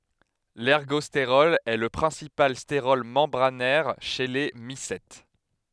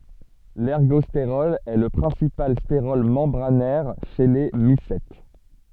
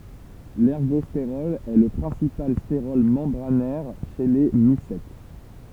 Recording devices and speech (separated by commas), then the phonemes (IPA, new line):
headset microphone, soft in-ear microphone, temple vibration pickup, read sentence
lɛʁɡɔsteʁɔl ɛ lə pʁɛ̃sipal steʁɔl mɑ̃bʁanɛʁ ʃe le misɛt